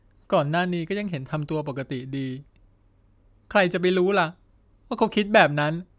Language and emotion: Thai, sad